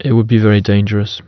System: none